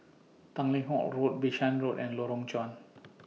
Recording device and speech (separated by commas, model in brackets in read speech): mobile phone (iPhone 6), read sentence